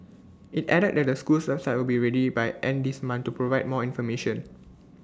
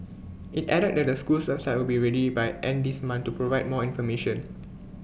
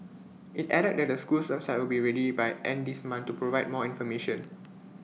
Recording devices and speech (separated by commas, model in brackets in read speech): standing microphone (AKG C214), boundary microphone (BM630), mobile phone (iPhone 6), read sentence